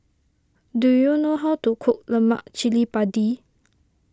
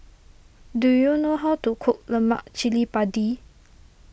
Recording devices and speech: standing microphone (AKG C214), boundary microphone (BM630), read sentence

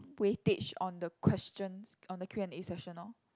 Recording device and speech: close-talking microphone, conversation in the same room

